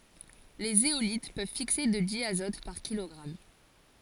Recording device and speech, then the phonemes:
forehead accelerometer, read sentence
le zeolit pøv fikse də djazɔt paʁ kilɔɡʁam

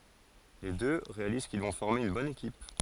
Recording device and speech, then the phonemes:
forehead accelerometer, read sentence
le dø ʁealiz kil vɔ̃ fɔʁme yn bɔn ekip

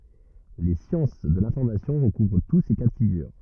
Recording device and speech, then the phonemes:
rigid in-ear microphone, read sentence
le sjɑ̃s də lɛ̃fɔʁmasjɔ̃ ʁəkuvʁ tu se ka də fiɡyʁ

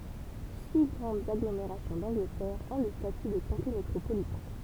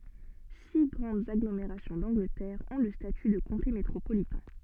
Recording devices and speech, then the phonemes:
temple vibration pickup, soft in-ear microphone, read sentence
si ɡʁɑ̃dz aɡlomeʁasjɔ̃ dɑ̃ɡlətɛʁ ɔ̃ lə staty də kɔ̃te metʁopolitɛ̃

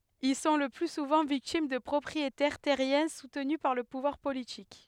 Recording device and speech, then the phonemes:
headset microphone, read sentence
il sɔ̃ lə ply suvɑ̃ viktim də pʁɔpʁietɛʁ tɛʁjɛ̃ sutny paʁ lə puvwaʁ politik

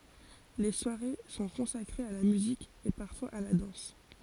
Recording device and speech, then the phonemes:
forehead accelerometer, read sentence
le swaʁe sɔ̃ kɔ̃sakʁez a la myzik e paʁfwaz a la dɑ̃s

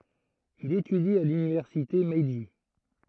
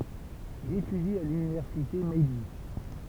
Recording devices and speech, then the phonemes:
throat microphone, temple vibration pickup, read sentence
il etydi a lynivɛʁsite mɛʒi

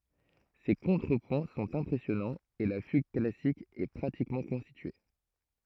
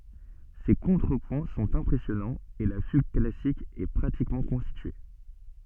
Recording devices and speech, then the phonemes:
throat microphone, soft in-ear microphone, read sentence
se kɔ̃tʁəpwɛ̃ sɔ̃t ɛ̃pʁɛsjɔnɑ̃z e la fyɡ klasik ɛ pʁatikmɑ̃ kɔ̃stitye

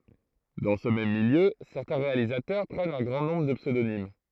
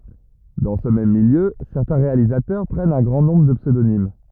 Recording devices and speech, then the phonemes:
throat microphone, rigid in-ear microphone, read sentence
dɑ̃ sə mɛm miljø sɛʁtɛ̃ ʁealizatœʁ pʁɛnt œ̃ ɡʁɑ̃ nɔ̃bʁ də psødonim

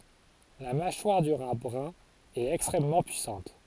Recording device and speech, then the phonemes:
forehead accelerometer, read sentence
la maʃwaʁ dy ʁa bʁœ̃ ɛt ɛkstʁɛmmɑ̃ pyisɑ̃t

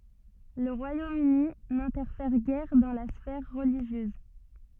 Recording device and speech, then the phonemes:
soft in-ear microphone, read sentence
lə ʁwajom yni nɛ̃tɛʁfɛʁ ɡɛʁ dɑ̃ la sfɛʁ ʁəliʒjøz

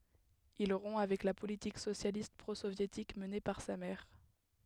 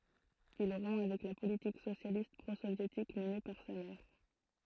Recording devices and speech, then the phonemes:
headset microphone, throat microphone, read sentence
il ʁɔ̃ avɛk la politik sosjalist pʁozovjetik məne paʁ sa mɛʁ

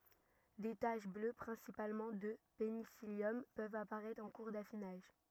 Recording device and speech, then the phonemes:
rigid in-ear microphone, read sentence
de taʃ blø pʁɛ̃sipalmɑ̃ də penisiljɔm pøvt apaʁɛtʁ ɑ̃ kuʁ dafinaʒ

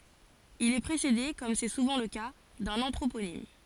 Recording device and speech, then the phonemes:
forehead accelerometer, read sentence
il ɛ pʁesede kɔm sɛ suvɑ̃ lə ka dœ̃n ɑ̃tʁoponim

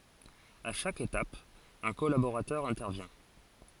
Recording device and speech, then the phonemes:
forehead accelerometer, read sentence
a ʃak etap œ̃ kɔlaboʁatœʁ ɛ̃tɛʁvjɛ̃

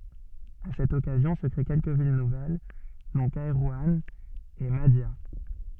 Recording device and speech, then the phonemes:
soft in-ear microphone, read sentence
a sɛt ɔkazjɔ̃ sə kʁe kɛlkə vil nuvɛl dɔ̃ kɛʁwɑ̃ e madja

